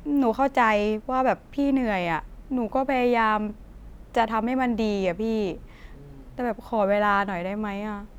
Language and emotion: Thai, sad